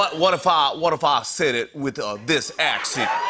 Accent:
Southern accent